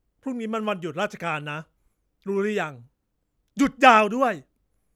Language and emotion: Thai, angry